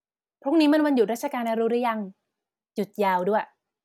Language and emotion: Thai, happy